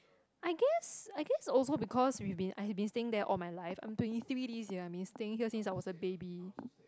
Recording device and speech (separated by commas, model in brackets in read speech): close-talking microphone, conversation in the same room